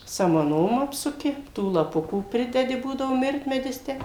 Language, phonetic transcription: Lithuanian, samaˈnom ˈapsuki ˈtų laˈpukų ˈpridedi ˈbūdavo ˈmirtmedis ˈtę

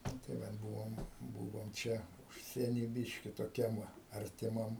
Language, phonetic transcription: Lithuanian, ˈnu tai ˈvat ˈbuvom ˈbuvom ˈčia ˈužsieny ˈbiški toˈkiam ˈva artiˈmam

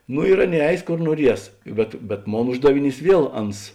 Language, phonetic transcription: Lithuanian, nu ir ˈaˌnėi ˈeis ˈkor nuoˈries bet bet ˈmon ˈuždaviˌnys ˈviel ˈans

